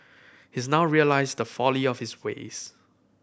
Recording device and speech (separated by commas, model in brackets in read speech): boundary microphone (BM630), read sentence